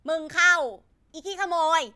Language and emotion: Thai, angry